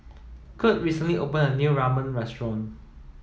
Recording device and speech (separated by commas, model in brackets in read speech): mobile phone (iPhone 7), read sentence